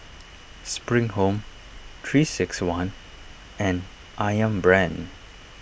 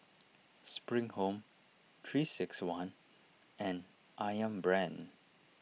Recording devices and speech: boundary microphone (BM630), mobile phone (iPhone 6), read sentence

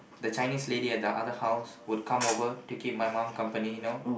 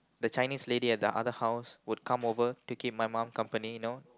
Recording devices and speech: boundary microphone, close-talking microphone, conversation in the same room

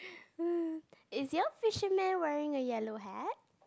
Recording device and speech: close-talking microphone, conversation in the same room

